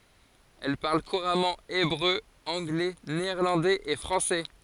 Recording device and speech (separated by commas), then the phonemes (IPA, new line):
forehead accelerometer, read sentence
ɛl paʁl kuʁamɑ̃ ebʁø ɑ̃ɡlɛ neɛʁlɑ̃dɛz e fʁɑ̃sɛ